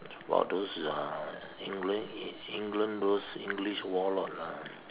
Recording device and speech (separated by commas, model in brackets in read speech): telephone, conversation in separate rooms